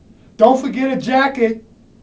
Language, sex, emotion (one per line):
English
male
neutral